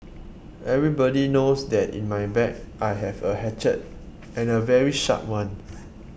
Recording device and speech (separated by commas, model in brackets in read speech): boundary microphone (BM630), read sentence